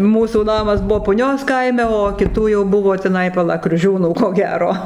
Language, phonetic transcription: Lithuanian, ˈmūsų ˈnamas ˈbuvo puˈnios ˈkaime o kiˈtų jau ˈbuvo tiˈnai paˈla kriuˈžiūnų ko ˈgero

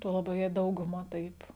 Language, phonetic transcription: Lithuanian, ˈtuo laˈbiau jei ˈdauguˌma ˈtaip

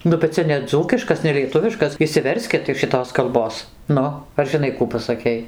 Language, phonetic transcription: Lithuanian, ˈnu bet ˈcia neˈdzūkiškas nelieˈtuviškas išsiˈverskit iš šiˈtos kalˈbos ˈnu ar žiˈnai ˈkų pasaˈkei

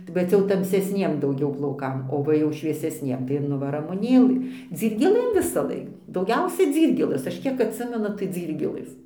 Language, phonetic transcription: Lithuanian, bet ˈcia jau tamsesˈniem dauˈgiau plauˈkam o ˈva jau šviesesˈniem tai ir ˈnu va ramuˈnėlɨ dzyrgėˈlɘm visaˈlaik dauˈgiausia ˈdzyrgėlɘs aš ˈkiek atˈsimenu tai ˈdzyrgėlɘs

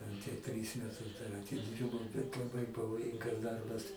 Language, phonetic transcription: Lithuanian, ˈten tie ˈtrys meˈtus dar atiˈdyrbau bet laˈbai pavoˈjingas ˈdarbas

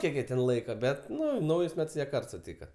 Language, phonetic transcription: Lithuanian, ˈkiek jie ˈten ˈlaika ˈbet ˈnu ˈnaujus ˈmets ˈjie ˈkart suˈtyka

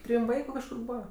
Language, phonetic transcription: Lithuanian, ˈtrym ˈvaiku kažˈkur ˈbūva

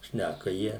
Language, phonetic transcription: Lithuanian, ˈšnæka ˈjie

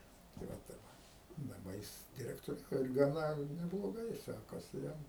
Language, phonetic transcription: Lithuanian, tai ˈva ˈtaip daˈba ˈjis direktoˈriauja ir gaˈna nebloˈgai ˈsekasi ˈjam

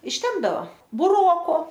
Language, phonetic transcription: Lithuanian, išˈtempdava buˈroko

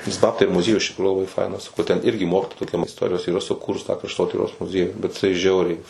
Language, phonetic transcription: Lithuanian, nes ˈbabtai ir muˈziejus iš tikˈrųjų laˈbai ˈfainas nu ten ˈirgi ˈmokitoja toˈkiam isˈtorijos yˈra suˈkūrus tą krašˈtotyros muˈziejų bet jiˈsai ˈžiauriai

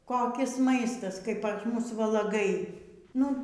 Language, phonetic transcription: Lithuanian, koˈkis ˈmaistas kai pas ˈmus valaˈgai ˈnu

